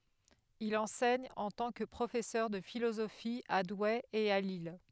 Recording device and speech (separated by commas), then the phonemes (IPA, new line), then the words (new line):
headset microphone, read sentence
il ɑ̃sɛɲ ɑ̃ tɑ̃ kə pʁofɛsœʁ də filozofi a dwe e a lil
Il enseigne en tant que professeur de philosophie à Douai et à Lille.